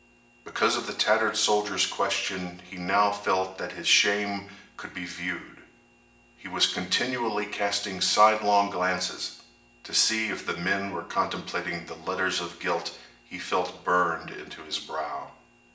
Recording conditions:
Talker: one person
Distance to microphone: 1.8 m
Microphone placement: close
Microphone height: 1.0 m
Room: large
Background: none

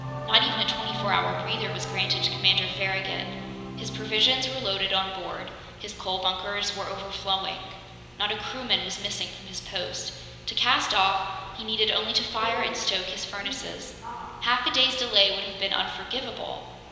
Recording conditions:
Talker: one person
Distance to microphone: 1.7 m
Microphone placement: close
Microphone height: 1.0 m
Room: very reverberant, large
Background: television

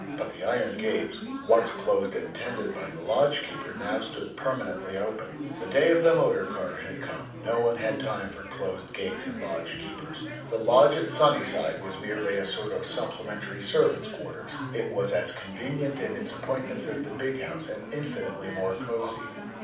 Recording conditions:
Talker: one person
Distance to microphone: 5.8 m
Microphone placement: far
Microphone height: 1.8 m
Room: medium-sized (5.7 m by 4.0 m)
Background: babble

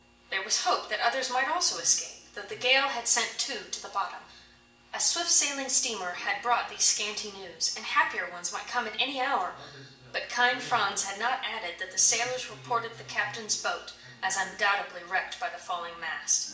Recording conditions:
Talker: one person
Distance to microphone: 1.8 m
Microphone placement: close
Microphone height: 1.0 m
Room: large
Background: television

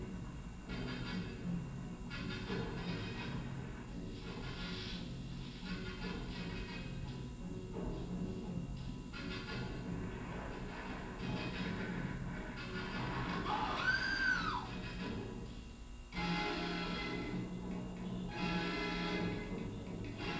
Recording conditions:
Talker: no one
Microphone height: 1.8 m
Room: large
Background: television

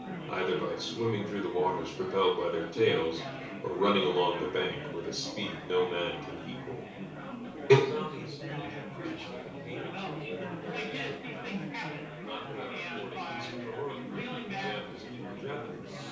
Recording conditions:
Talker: one person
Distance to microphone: 3.0 m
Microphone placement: far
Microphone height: 1.8 m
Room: small (3.7 m by 2.7 m)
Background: babble

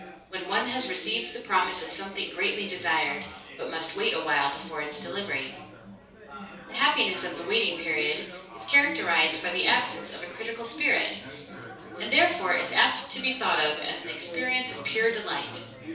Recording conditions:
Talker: one person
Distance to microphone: 3.0 m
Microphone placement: far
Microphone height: 1.8 m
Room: small (3.7 m by 2.7 m)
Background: babble

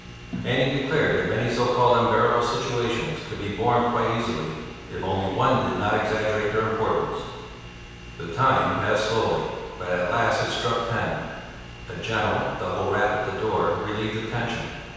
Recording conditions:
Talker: one person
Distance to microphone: 7.1 m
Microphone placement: far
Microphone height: 1.7 m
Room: very reverberant, large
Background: television

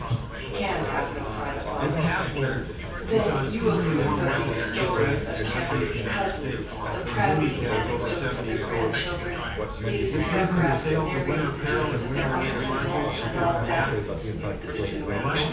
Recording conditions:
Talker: one person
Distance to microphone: 9.8 m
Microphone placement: far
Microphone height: 1.8 m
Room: large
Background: babble

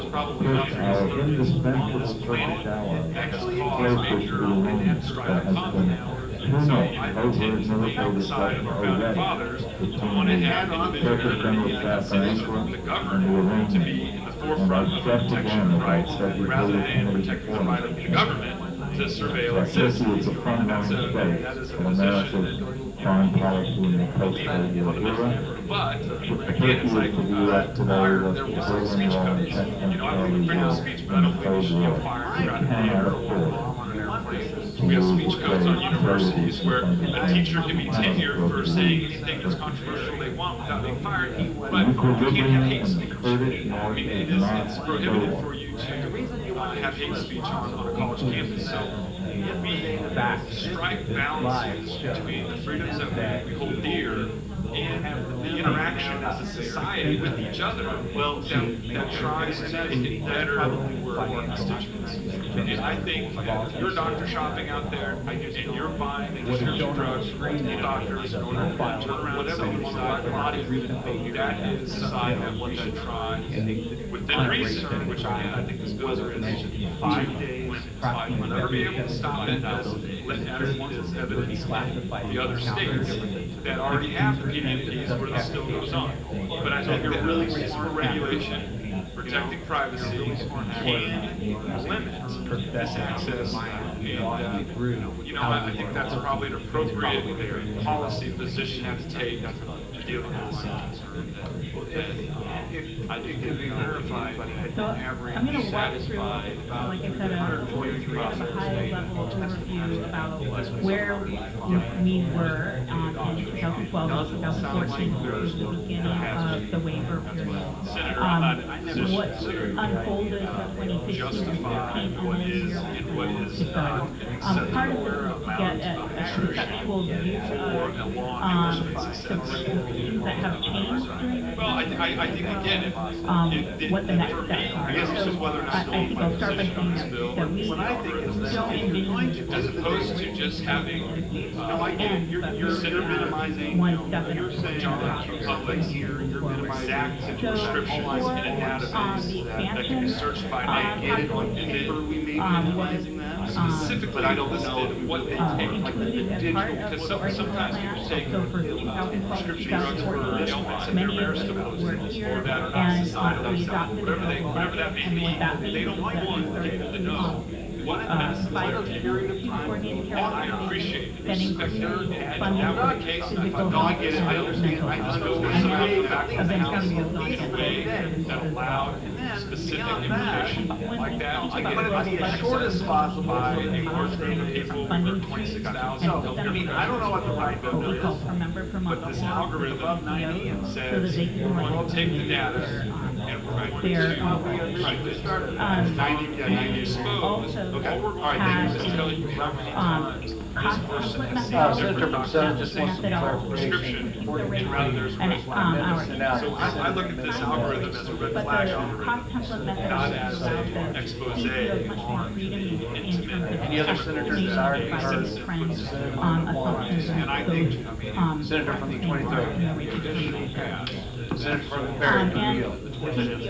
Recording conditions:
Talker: no one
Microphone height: 1.1 m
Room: large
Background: babble

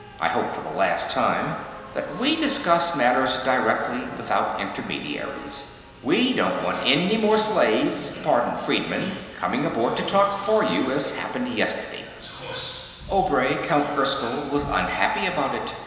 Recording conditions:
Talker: one person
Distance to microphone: 1.7 m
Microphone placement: close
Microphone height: 1.0 m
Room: very reverberant, large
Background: television

